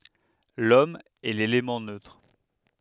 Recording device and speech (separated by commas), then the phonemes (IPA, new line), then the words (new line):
headset microphone, read sentence
lɔm ɛ lelemɑ̃ nøtʁ
L’Homme est l’élément neutre.